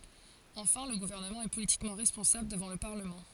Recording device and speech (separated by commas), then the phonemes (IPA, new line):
forehead accelerometer, read sentence
ɑ̃fɛ̃ lə ɡuvɛʁnəmɑ̃ ɛ politikmɑ̃ ʁɛspɔ̃sabl dəvɑ̃ lə paʁləmɑ̃